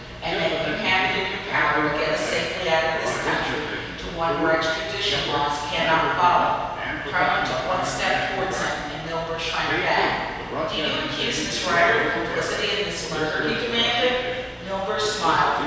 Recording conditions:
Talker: one person; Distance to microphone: 7.1 m; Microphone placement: far; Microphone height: 1.7 m; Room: very reverberant, large; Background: television

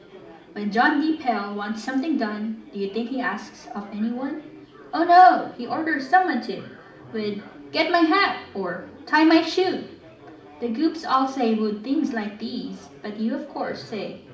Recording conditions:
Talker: one person; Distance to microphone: 2.0 m; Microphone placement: close; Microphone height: 99 cm; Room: medium-sized (5.7 m by 4.0 m); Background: babble

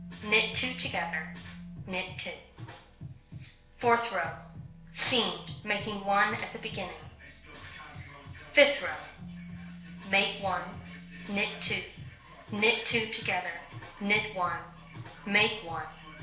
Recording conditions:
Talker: one person; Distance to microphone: 1.0 m; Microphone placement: close; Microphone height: 1.1 m; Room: small (3.7 m by 2.7 m); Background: music

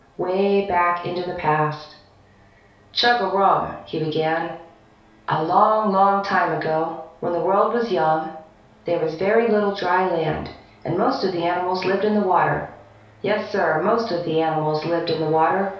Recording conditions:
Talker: one person; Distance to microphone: 3.0 m; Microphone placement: far; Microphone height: 1.8 m; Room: small (3.7 m by 2.7 m); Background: none

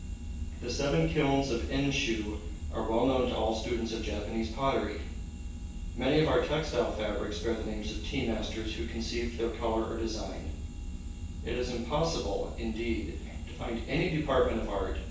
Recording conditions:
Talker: one person; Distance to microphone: 9.8 m; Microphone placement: far; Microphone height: 1.8 m; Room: large; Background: none

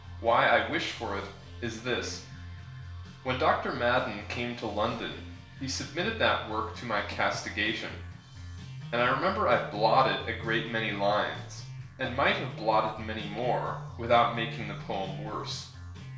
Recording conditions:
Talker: one person; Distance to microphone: 1.0 m; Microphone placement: close; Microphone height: 1.1 m; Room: small (3.7 m by 2.7 m); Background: music

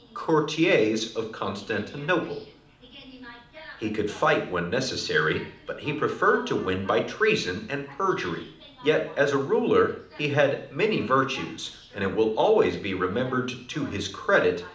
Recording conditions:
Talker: one person; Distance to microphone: 2.0 m; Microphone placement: close; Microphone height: 99 cm; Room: medium-sized (5.7 m by 4.0 m); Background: television

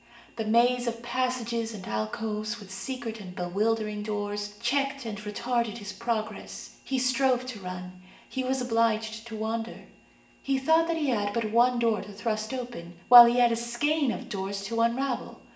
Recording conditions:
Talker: one person; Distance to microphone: 1.8 m; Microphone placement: close; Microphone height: 1.0 m; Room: large; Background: none

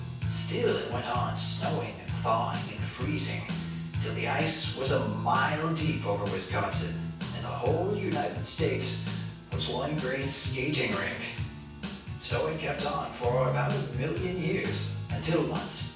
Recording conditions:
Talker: one person; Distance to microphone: 9.8 m; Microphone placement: far; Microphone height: 1.8 m; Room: large; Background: music

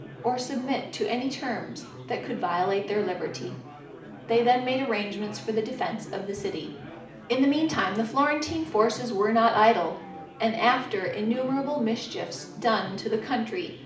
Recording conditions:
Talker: one person; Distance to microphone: 2.0 m; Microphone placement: close; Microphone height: 99 cm; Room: medium-sized (5.7 m by 4.0 m); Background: babble

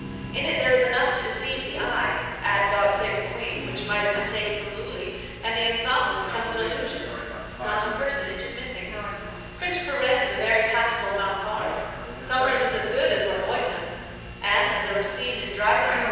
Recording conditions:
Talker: one person; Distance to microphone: 7.1 m; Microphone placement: far; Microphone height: 1.7 m; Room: very reverberant, large; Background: television

